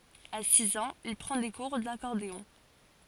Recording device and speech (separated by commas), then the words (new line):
forehead accelerometer, read sentence
À six ans, il prend des cours d'accordéon.